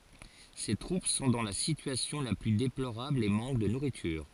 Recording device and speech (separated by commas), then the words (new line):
forehead accelerometer, read sentence
Ses troupes sont dans la situation la plus déplorable et manquent de nourriture.